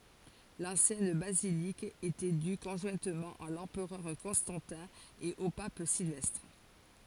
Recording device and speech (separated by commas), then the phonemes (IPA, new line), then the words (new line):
forehead accelerometer, read sentence
lɑ̃sjɛn bazilik etɛ dy kɔ̃ʒwɛ̃tmɑ̃ a lɑ̃pʁœʁ kɔ̃stɑ̃tɛ̃ e o pap silvɛstʁ
L'ancienne basilique était due conjointement à l'empereur Constantin et au Pape Sylvestre.